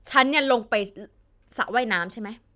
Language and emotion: Thai, frustrated